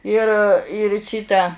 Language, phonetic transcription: Lithuanian, ir ir ˈšyta

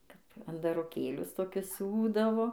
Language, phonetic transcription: Lithuanian, ˈkap andaroˈkėlius toˈkius ˈsiūdavo

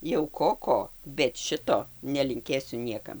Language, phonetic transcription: Lithuanian, jau ˈko ˈko bet ˈšito nelinˈkėsiu ˈniekam

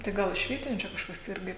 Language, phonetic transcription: Lithuanian, tai ˈgal iš ˈvietiniu čia kažˈkas ˈirgi

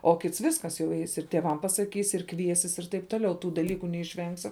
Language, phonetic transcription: Lithuanian, o ˈkits ˈviskas jau ˈeis ir tėˈvam pasaˈkys ir ˈkviesis ir taip ˈtoˌliau ˈtų daˈlyku neišˈvengsi

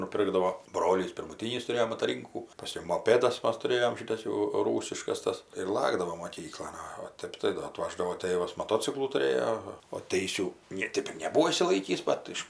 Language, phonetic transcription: Lithuanian, nuˈpirkdavo ˈbrolys pirmuˈtynys tuˈrėjo mataˈrynkų paˈskiau moˈpėdas ˈmas tuˈrėjom ˈšitas jau ˈrūsiškas ˈtas ir ˈlakdavom moˈkyklon ˈo o ˈtep tai ˈdo aˈtvaždavo ˈ tėvas maˈtociklų tuˈrėjo o ˈteisių ˈnė ˈtėp ir neˈbūo išsiˈlaikįs ˈbat iš

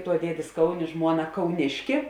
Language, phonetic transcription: Lithuanian, tuo ˈdiedės ˈkauˌnė ˈžmuoˌna kauˈniški

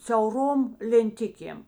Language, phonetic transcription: Lithuanian, siauˈrom lenˈtikėm

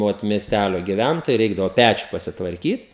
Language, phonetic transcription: Lithuanian, ˈot miesˈtælio giˈvæntojai ˈreikdavo ˈpæčiu pasitvarˈkyt

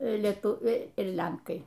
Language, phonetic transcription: Lithuanian, leˈtuviai ir ˈlenkai

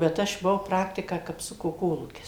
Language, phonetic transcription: Lithuanian, bet ˈaš buˈvau ˈpraktiką kapˈsuko ˈkolūkis

